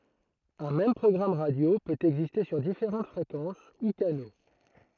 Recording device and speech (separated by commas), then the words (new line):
throat microphone, read sentence
Un même programme radio peut exister sur différentes fréquences ou canaux.